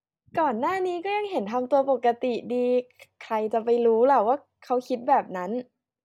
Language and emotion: Thai, happy